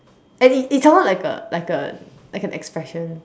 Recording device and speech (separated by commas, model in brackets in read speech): standing microphone, conversation in separate rooms